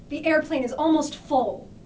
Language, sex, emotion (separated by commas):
English, female, angry